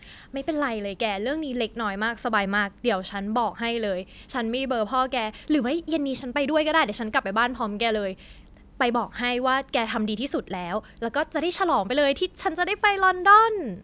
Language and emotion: Thai, happy